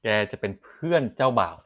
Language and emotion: Thai, neutral